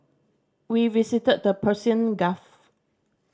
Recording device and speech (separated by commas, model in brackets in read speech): standing microphone (AKG C214), read sentence